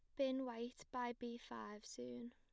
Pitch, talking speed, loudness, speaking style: 240 Hz, 170 wpm, -47 LUFS, plain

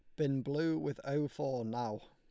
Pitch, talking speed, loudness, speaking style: 140 Hz, 195 wpm, -36 LUFS, Lombard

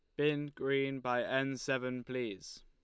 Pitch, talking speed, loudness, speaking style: 135 Hz, 150 wpm, -35 LUFS, Lombard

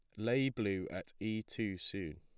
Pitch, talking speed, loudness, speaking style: 105 Hz, 180 wpm, -38 LUFS, plain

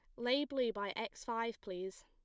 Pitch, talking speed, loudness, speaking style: 230 Hz, 195 wpm, -39 LUFS, plain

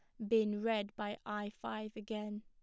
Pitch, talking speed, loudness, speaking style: 210 Hz, 170 wpm, -39 LUFS, plain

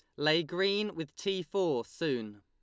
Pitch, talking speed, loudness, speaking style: 165 Hz, 165 wpm, -32 LUFS, Lombard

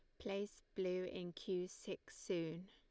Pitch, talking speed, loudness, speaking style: 185 Hz, 145 wpm, -45 LUFS, Lombard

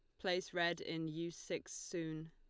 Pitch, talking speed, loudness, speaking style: 170 Hz, 170 wpm, -42 LUFS, Lombard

